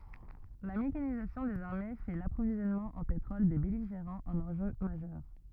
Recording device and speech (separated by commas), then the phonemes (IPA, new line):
rigid in-ear microphone, read sentence
la mekanizasjɔ̃ dez aʁme fɛ də lapʁovizjɔnmɑ̃ ɑ̃ petʁɔl de bɛliʒeʁɑ̃z œ̃n ɑ̃ʒø maʒœʁ